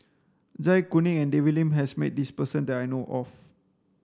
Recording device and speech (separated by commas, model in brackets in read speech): standing microphone (AKG C214), read sentence